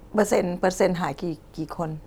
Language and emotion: Thai, neutral